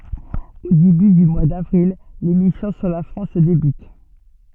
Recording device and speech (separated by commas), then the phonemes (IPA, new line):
soft in-ear microphone, read sentence
o deby dy mwa davʁil le misjɔ̃ syʁ la fʁɑ̃s debyt